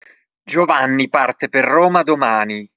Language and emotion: Italian, angry